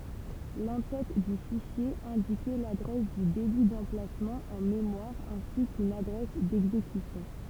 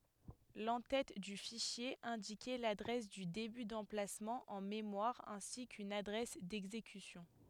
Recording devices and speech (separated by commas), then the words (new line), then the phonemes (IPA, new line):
temple vibration pickup, headset microphone, read sentence
L'en-tête du fichier indiquait l'adresse du début d'emplacement en mémoire ainsi qu'une adresse d'exécution.
lɑ̃ tɛt dy fiʃje ɛ̃dikɛ ladʁɛs dy deby dɑ̃plasmɑ̃ ɑ̃ memwaʁ ɛ̃si kyn adʁɛs dɛɡzekysjɔ̃